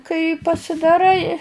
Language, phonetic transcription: Lithuanian, kai pasidaˈrai

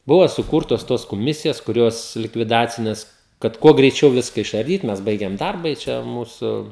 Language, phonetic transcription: Lithuanian, ˈbuvo suˈkūrtos tos koˈmisijas kuˈrios likviˈdacinės kad ˈkuo greiˈčiau ˈviska išarˈdyt mes ˈbaigiam ˈdarba i ˈčia ˈmūsu

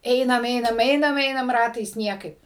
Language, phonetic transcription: Lithuanian, ˈeinam ˈeinam ˈeinam ˈeinam ˈratais ˈniekaip

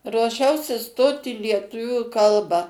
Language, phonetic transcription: Lithuanian, ruoˈšiausi ˈstot i lieˈtuvių ˈkalbą

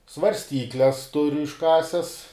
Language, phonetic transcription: Lithuanian, svarsˈtykles ˈturiu išˈkases

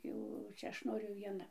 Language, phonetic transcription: Lithuanian, ˈjau ˈčia ˈaš ˈnoriu vieˈna

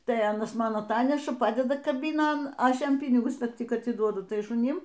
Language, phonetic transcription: Lithuanian, tai ˈanas ˈman aˈtaneša ˈpadeda kaˈbynon ˈaš ˈjam ˈpynigus ˈtik atiˈduodu ˈtai šuˈnim

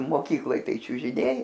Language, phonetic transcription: Lithuanian, moˈkykloj ˈtai čiužiˈniai

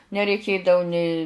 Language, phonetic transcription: Lithuanian, nereiˈkėdavu nė

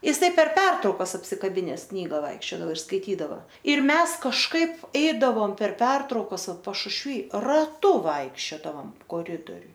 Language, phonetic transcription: Lithuanian, jiˈsai per ˈpertraukas apsikaˈbines ˈknyga ˈvaikščiodavo ir skaiˈtydava ir ˈmes kažˈkaip ˈeidavom per ˈpertraukas ˈvat pašušˈvy raˈtu ˈvaikščiodavom koˈridoriuj

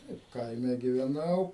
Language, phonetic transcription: Lithuanian, ˈtaip ˈkaime giveˈnau

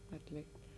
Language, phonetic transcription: Lithuanian, atˈlėkt'

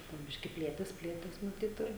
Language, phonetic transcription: Lithuanian, po ˈbiški ˈplėtės ˈplėtės ˈnu ˈtaip ir

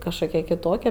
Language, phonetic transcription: Lithuanian, kažˈkokia kiˈtokia

